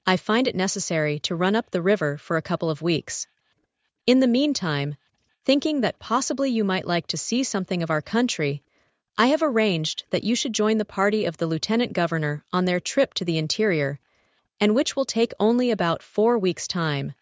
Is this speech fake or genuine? fake